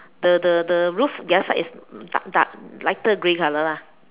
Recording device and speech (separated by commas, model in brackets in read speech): telephone, conversation in separate rooms